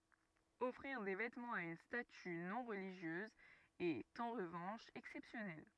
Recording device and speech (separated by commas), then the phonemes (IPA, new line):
rigid in-ear microphone, read sentence
ɔfʁiʁ de vɛtmɑ̃z a yn staty nɔ̃ ʁəliʒjøz ɛt ɑ̃ ʁəvɑ̃ʃ ɛksɛpsjɔnɛl